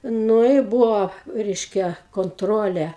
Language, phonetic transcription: Lithuanian, ˈnu i ˈbuvo ˈreiškia konˈtrole

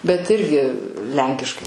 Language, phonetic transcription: Lithuanian, bet ˈirgi ˈlenkiškai

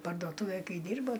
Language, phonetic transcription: Lithuanian, pardoˈtuvėj ˈkai ˈdyrbo

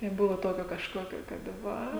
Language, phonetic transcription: Lithuanian, neˈbuvo ˈtokio kažˈkokio ˈkad ˈva

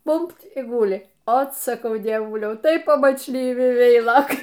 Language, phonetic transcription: Lithuanian, ˈbumb't' ˈguli ˈot saˈkau dieˈvuliau tai pamačˈlyvi ˈveilokai

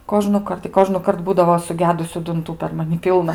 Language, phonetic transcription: Lithuanian, kožnuˈkart i kožnuˈkart ˈbūdavo suˈgedusiu dunˈtų per maˈni ˈpylna

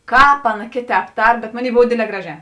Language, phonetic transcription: Lithuanian, ˈkāp ˈaˌna ˈkėˌtēp ˈtar bet ˈmoˌnėi ˈbov ˈdėdˌlē ˈgraˌžē

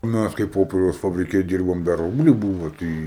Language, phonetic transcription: Lithuanian, ˈmæs kai ˈpoperiaus fabriˈke ˈdyrbom da ˈrubliu ˈbūvo ˈtɨi

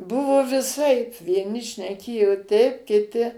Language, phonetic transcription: Lithuanian, ˈbuvo viˈsaip vieˈni šneˈkėjo ˈteip kiˈti

